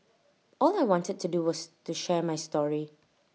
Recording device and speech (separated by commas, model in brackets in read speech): mobile phone (iPhone 6), read sentence